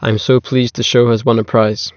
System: none